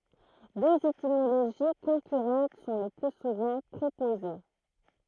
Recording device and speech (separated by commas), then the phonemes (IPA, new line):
throat microphone, read sentence
døz etimoloʒi kɔ̃kyʁɑ̃t sɔ̃ lə ply suvɑ̃ pʁopoze